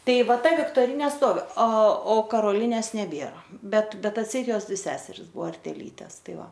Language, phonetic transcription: Lithuanian, ˈtai ˈva ˈta viktoˈrinė ˈstovi a o karoˈlinės neˈbiera ˈbet ˈbet atˈseit ˈjos ˈseseris ˈbuo arteˈytes ˈtai ˈva

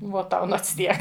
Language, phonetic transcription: Lithuanian, ˈvuo ˈtau ˈnots ˈtiek

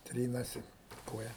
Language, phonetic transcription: Lithuanian, ˈtrynasi i ˈkoja

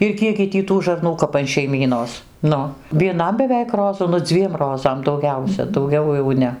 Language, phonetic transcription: Lithuanian, ir ˈkiekgi ˈtį tų žarˈnų kap an šeiˈmynos ˈnu vieˈnam beˈveik ˈrozu nu ˈdzviem ˈrozam dauˈgiausia dauˈgiau jau ˈne

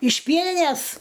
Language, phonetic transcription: Lithuanian, iš ˈpienines

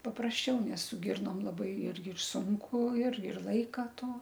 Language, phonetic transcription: Lithuanian, paprasˈčiau nes su ˈgirnom laˈbai ˈirgi ir ˈsunku ir ir ˈlaika ˈto

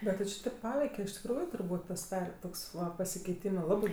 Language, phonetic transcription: Lithuanian, ˈbet ti či ˈtėp ˈpaveike iš tikˈrųju turˈbūt' pasiˈdare ˈtoks ˈva pasikeiˈtymɜ ˈlabɜ

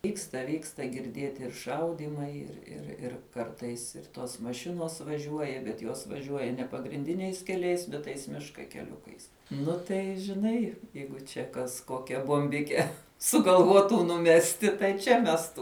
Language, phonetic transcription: Lithuanian, ˈvyksta ˈvyksta girˈdieti ir ˈšaudymai ir ir ir ˈkartais ir ˈtos maˈšinos vaˈžiuoja bet ˈjos vaˈžiuoja ne pagrinˈdiniais keˈliais bet ˈtais ˈmiška keˈliukais ˈnu tai žiˈnai ˈjeigu čia kas ˈkokia bomˈbike sugalˈvuotu nuˈmesti tai ˈčia ˈmestų

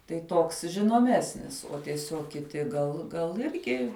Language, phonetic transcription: Lithuanian, tai ˈtoks žinoˈmesnis o tieˈsiog kiˈti gal gal ˈirgi

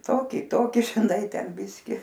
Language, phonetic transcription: Lithuanian, ˈtoki ˈtoki žiˈnai ˈten ˈbiski

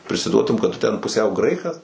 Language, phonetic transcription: Lithuanian, prisiˈduotum kad ˈtu ten puˈsiau ˈgraikas

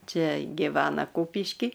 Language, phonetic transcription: Lithuanian, ˈčia giˈvena ˈkūpišky

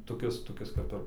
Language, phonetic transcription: Lithuanian, toˈkis toˈkis kap ˈir

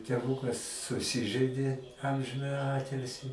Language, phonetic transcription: Lithuanian, teˈvūkas suˈsižɜidė ˈamžinąji ˈatilsi

